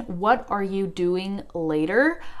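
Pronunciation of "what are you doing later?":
'What are you doing later?' is said in its full form, without fast-speech reduction: 'what are you' is not shortened to 'whatcha'.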